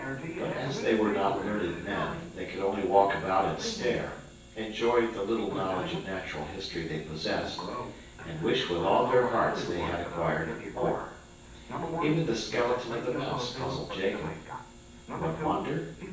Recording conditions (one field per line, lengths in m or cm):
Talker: one person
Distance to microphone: 9.8 m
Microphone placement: far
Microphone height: 1.8 m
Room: large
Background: television